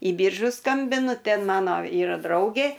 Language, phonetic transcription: Lithuanian, į ˈbyržus ˈskambinu ˈten ˈmano ˈyra ˈdraugė

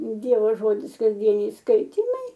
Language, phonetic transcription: Lithuanian, ˈdievo ˈžodis kasˈdieniai ˈskaitymai

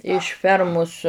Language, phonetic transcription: Lithuanian, iš ˈfermus

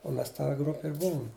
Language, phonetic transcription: Lithuanian, u ˈmes ta ˈgrupi ir ˈbuum

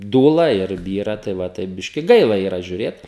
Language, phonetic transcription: Lithuanian, ˈdūla ir ˈbyra tai va ˈtaip ˈbiški ˈgaila yˈra žiuˈrėt

